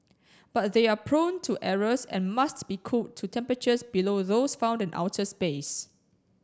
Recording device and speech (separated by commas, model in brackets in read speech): standing microphone (AKG C214), read sentence